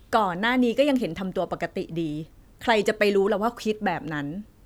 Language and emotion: Thai, frustrated